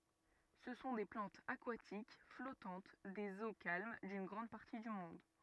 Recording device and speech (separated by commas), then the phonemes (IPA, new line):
rigid in-ear microphone, read sentence
sə sɔ̃ de plɑ̃tz akwatik flɔtɑ̃t dez o kalm dyn ɡʁɑ̃d paʁti dy mɔ̃d